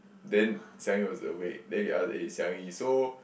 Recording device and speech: boundary microphone, conversation in the same room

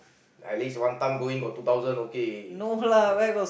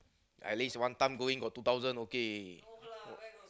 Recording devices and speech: boundary microphone, close-talking microphone, conversation in the same room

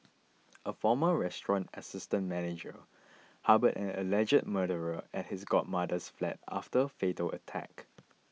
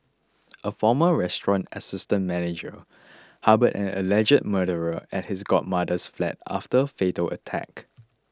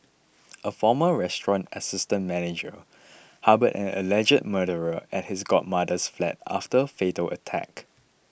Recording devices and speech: mobile phone (iPhone 6), close-talking microphone (WH20), boundary microphone (BM630), read sentence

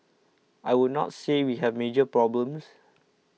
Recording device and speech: mobile phone (iPhone 6), read sentence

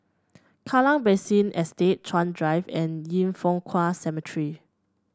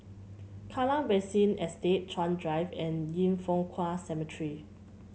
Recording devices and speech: standing microphone (AKG C214), mobile phone (Samsung C7), read sentence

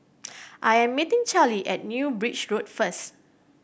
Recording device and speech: boundary microphone (BM630), read sentence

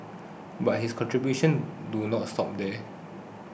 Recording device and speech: boundary microphone (BM630), read sentence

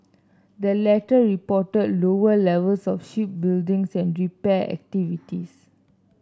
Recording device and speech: standing microphone (AKG C214), read sentence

